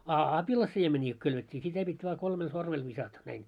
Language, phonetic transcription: Finnish, a 'apila'siemeńii ko kylvet́t́ii 'sitä pit́ vaa 'kolmel 'sormel visata , näin .
- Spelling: a apilansiemeniä kun kylvettiin sitä piti vain kolmella sormella viskata näin

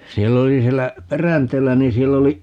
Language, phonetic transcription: Finnish, 'siell ‿oli 'siellä , "Peränteellä ni 'siell ‿oli ,.
- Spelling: siellä oli siellä Peränteellä niin siellä oli

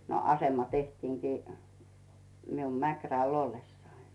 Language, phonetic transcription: Finnish, no 'asema 'tehtiiŋkii , mium 'Mäkräl ‿"ollessai .
- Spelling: no asema tehtiinkin minun Mäkrällä ollessani

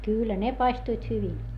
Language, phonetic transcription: Finnish, kyyllä ne paistuit hyvin .
- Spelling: kyllä ne paistuivat hyvin

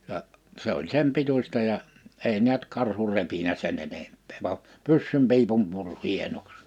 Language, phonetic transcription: Finnish, ja , 'se ‿oĺ 'sem 'pituśta ja , 'èi ni̬ät 'karhu 'repinä 'sen ‿enemppᴇᴇ va , 'pyssym pi̬ipum 'pur 'hienoks .
- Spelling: ja se oli sen pituista ja ei näet karhu repinyt sen enempää vaan pyssyn piipun puri hienoksi

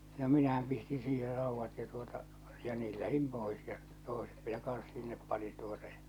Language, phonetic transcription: Finnish, no 'minähäm pistiḭ 'siiher ràuvvat ja tuota , ja 'niil lähim 'pois ja , 'tòḙset minä 'kan̬s sinnep panin tuota ᴊᴀ .
- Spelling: no minähän pistin siihen raudat ja tuota ja niin lähdin pois ja toiset minä kanssa sinne panin tuota ja

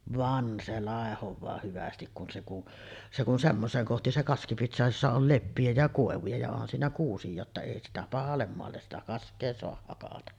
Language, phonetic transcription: Finnish, "van se 'làehov̆vaa 'hyvästik kun se kun , 'se kun semmoseeŋ kohti se kaski piti soahaj jossa ol "leppiʲä ja 'kòevuja ja onhan siinä 'kuusij̆jaa ‿tta èi 'sitä "pahallem moalles sitä 'kask̆kee soah hakata .
- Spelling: vaan se laihoaa hyvästi kun se kun se kun semmoiseen kohti se kaski piti saada jossa oli leppiä ja koivuja ja onhan siinä kuusia jotta ei sitä pahalle maalle sitä kaskea saa hakata

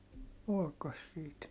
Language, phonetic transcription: Finnish, olkos siit ,.
- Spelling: olikos siitä

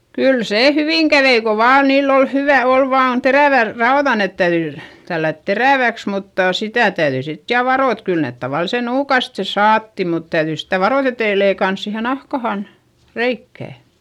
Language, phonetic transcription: Finnish, kyl see hyviŋ kävei ko vaan niill ‿ol hyvä - ol vaan terä̀vär raoδa - net täyδy , tällät terä̀väks muttà sitä̀ täyδyi sit ja varò et kyl nèt tavalise nuukaste saatti mut täyδyi sitä varòt ‿etei leikans siihe nahkahan , reikkä̀ .
- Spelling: kyllä se hyvin kävi kun vain niillä oli hyvä oli vain terävät raudat ne täytyi tällätä teräväksi mutta sitä täytyi sitten ja varoa että kyllä ne tavallisen nuukasti saatiin mutta täytyi sitä varoa että ei leikannut siihen nahkaan reikää

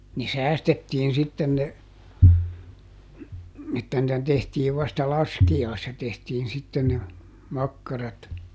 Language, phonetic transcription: Finnish, ne "säästettiin ˈsitten ne , että nⁱtä ˈtehtiiv vasta "laski₍aissa tehtiin sitten ne , ˈmakkarat .
- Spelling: ne säästettiin sitten ne että niitä tehtiin vasta laskiaisena tehtiin sitten ne makkarat

